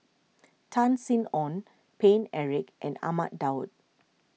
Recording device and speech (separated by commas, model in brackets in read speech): mobile phone (iPhone 6), read sentence